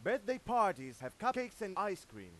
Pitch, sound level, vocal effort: 200 Hz, 102 dB SPL, very loud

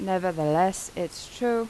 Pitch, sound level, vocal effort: 185 Hz, 85 dB SPL, normal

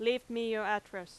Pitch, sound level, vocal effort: 215 Hz, 91 dB SPL, very loud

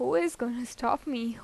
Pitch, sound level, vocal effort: 240 Hz, 87 dB SPL, normal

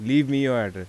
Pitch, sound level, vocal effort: 130 Hz, 88 dB SPL, normal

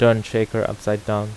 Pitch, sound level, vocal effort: 110 Hz, 84 dB SPL, normal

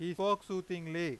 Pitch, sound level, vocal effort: 180 Hz, 97 dB SPL, very loud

